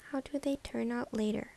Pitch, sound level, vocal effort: 270 Hz, 74 dB SPL, soft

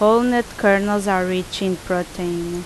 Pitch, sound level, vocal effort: 190 Hz, 83 dB SPL, loud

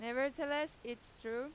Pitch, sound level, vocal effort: 265 Hz, 94 dB SPL, loud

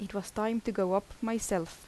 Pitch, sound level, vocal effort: 205 Hz, 80 dB SPL, soft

